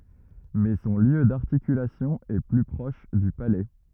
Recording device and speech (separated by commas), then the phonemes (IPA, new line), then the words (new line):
rigid in-ear microphone, read sentence
mɛ sɔ̃ ljø daʁtikylasjɔ̃ ɛ ply pʁɔʃ dy palɛ
Mais son lieu d'articulation est plus proche du palais.